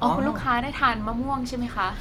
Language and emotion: Thai, neutral